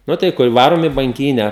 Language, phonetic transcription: Lithuanian, ˈnu tai ˈkur ˈvarom i banˈkynę

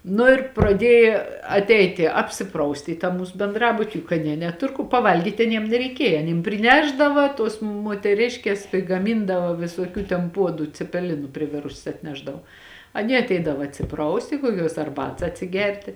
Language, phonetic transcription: Lithuanian, nu ir praˈdieji atˈeiti apsiˈprausti į tą ˈmūs benˈdrabuti juk aˈnie neˈtur ku paˈvalgyt' aˈniem nereiˈkieja aˈnym priˈnešdava tuos muoteˈriškės prigaˈmindava visuoˈkių ten ˈpuodu cepeˈlinu priˈvirusias atˈnešdavo aˈnie atˈeidava atsiˈprausti kuoˈkiuos arˈbats atsiˈgerti

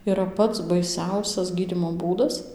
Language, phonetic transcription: Lithuanian, yˈra ˈpats baiˈsiausias ˈgydymo ˈbūdas

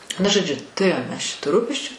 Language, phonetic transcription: Lithuanian, ˈnu žoˈdžiu tuˈrėjom ˈmes ˈčia tų ˈrūpesčiu

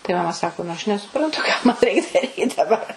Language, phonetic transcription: Lithuanian, tai maˈma ˈsako nu ˈaš nesuˈprantu ką ˈman ˈreik ˈdaryt daˈbar

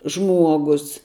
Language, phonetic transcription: Lithuanian, ˈžmuogus

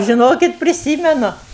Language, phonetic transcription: Lithuanian, žiˈnokit priˈsymenu

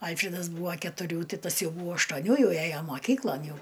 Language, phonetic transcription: Lithuanian, ˈalfridas ˈbūva ketuˈrių ˈti ˈtas ˈjau ˈbūva aštuoˈnių ˈjau ˈæjo moˈkyklon ˈjau

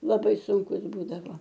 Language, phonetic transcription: Lithuanian, laˈbai sunˈkus ˈbūdavo

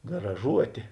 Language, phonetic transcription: Lithuanian, graˈžuotė

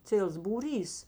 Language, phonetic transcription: Lithuanian, ˈciels būˈrys

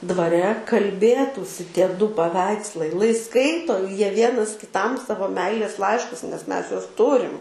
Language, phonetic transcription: Lithuanian, dvaˈre kalˈbėtųsi ˈtie ˈdu paˈveikslai lai ˈskaito ˈjie ˈvienas kiˈtam ˈsavo ˈmeilės ˈlaiškus nes ˈmes ˈjuos ˈturim

